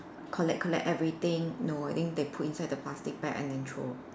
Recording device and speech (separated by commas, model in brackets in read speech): standing microphone, conversation in separate rooms